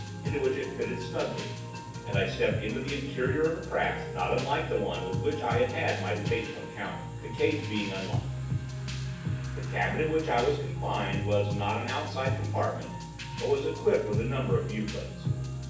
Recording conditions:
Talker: one person; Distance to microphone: 9.8 m; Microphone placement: far; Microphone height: 1.8 m; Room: large; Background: music

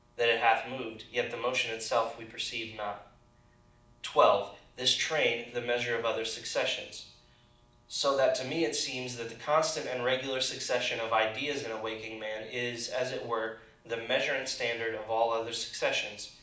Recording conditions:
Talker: one person; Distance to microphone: 2.0 m; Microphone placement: close; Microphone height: 99 cm; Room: medium-sized (5.7 m by 4.0 m); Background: none

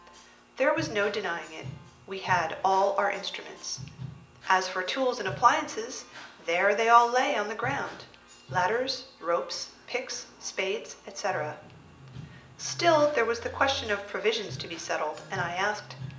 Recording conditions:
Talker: one person; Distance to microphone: 1.8 m; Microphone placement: close; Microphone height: 1.0 m; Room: large; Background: music

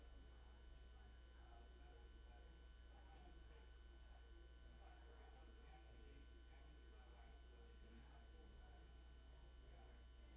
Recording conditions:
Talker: no one; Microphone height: 71 cm; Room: large; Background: babble

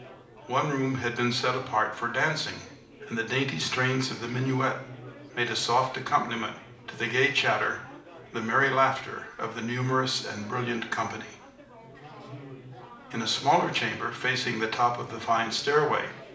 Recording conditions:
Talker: one person; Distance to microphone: 2.0 m; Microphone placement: close; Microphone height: 99 cm; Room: medium-sized (5.7 m by 4.0 m); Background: babble

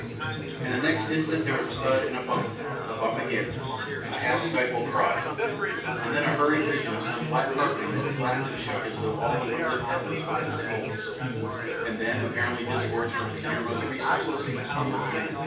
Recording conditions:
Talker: one person; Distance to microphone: 9.8 m; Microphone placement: far; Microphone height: 1.8 m; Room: large; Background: babble

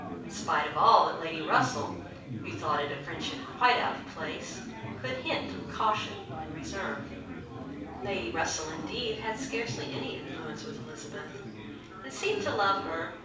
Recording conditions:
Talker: one person; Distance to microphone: 5.8 m; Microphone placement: far; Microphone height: 1.8 m; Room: medium-sized (5.7 m by 4.0 m); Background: babble

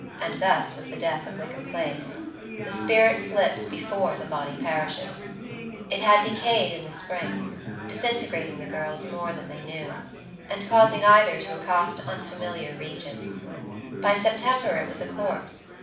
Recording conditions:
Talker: one person; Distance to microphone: 5.8 m; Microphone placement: far; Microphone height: 1.8 m; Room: medium-sized (5.7 m by 4.0 m); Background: babble

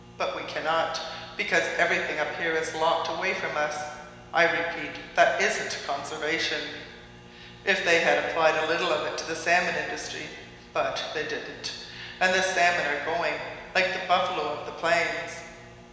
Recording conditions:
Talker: one person; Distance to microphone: 1.7 m; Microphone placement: close; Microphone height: 1.0 m; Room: very reverberant, large; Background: none

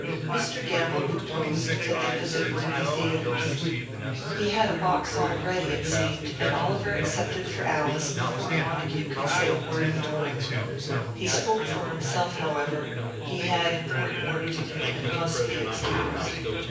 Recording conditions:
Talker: one person; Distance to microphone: 9.8 m; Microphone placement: far; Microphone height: 1.8 m; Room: large; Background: babble

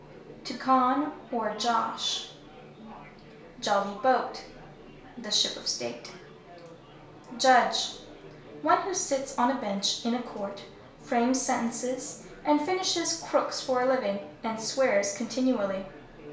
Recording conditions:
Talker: one person; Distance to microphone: 1.0 m; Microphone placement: close; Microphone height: 1.1 m; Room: small (3.7 m by 2.7 m); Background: babble

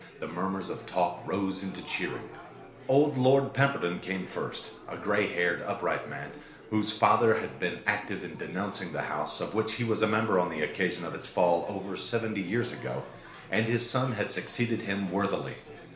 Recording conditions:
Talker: one person; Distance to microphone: 1.0 m; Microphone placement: close; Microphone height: 1.1 m; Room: small (3.7 m by 2.7 m); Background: babble

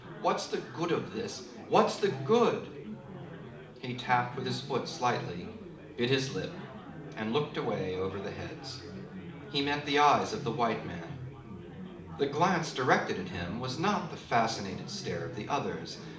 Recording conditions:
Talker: one person; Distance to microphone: 2.0 m; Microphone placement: close; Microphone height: 99 cm; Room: medium-sized (5.7 m by 4.0 m); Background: babble

